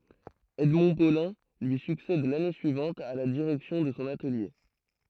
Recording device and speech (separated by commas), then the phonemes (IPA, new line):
throat microphone, read sentence
ɛdmɔ̃ polɛ̃ lyi syksɛd lane syivɑ̃t a la diʁɛksjɔ̃ də sɔ̃ atəlje